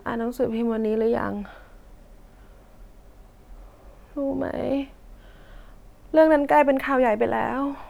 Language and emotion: Thai, sad